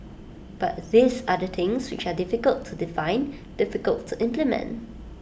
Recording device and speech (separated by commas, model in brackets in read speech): boundary microphone (BM630), read sentence